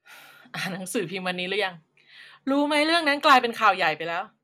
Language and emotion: Thai, frustrated